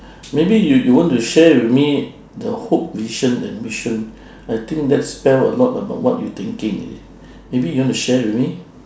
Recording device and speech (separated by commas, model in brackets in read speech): standing microphone, conversation in separate rooms